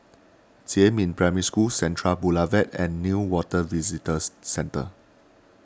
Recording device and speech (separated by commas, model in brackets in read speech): standing microphone (AKG C214), read sentence